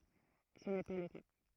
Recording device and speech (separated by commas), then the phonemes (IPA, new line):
throat microphone, read sentence
sə nɛ pa lə ka